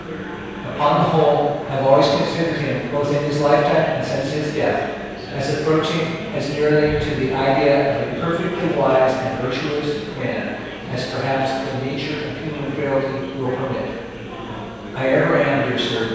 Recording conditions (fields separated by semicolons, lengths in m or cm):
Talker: one person; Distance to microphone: 7.1 m; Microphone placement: far; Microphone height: 1.7 m; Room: very reverberant, large; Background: babble